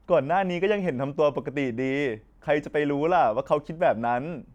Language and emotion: Thai, neutral